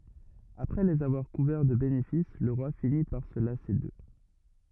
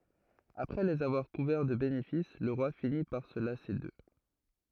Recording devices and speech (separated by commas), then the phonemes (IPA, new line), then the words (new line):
rigid in-ear microphone, throat microphone, read sentence
apʁɛ lez avwaʁ kuvɛʁ də benefis lə ʁwa fini paʁ sə lase dø
Après les avoir couverts de bénéfices, le roi finit par se lasser d'eux.